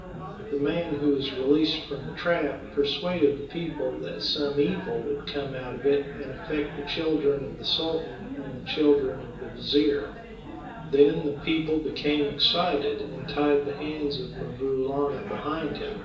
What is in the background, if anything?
Crowd babble.